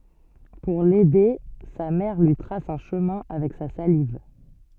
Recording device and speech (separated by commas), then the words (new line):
soft in-ear microphone, read sentence
Pour l'aider, sa mère lui trace un chemin avec sa salive.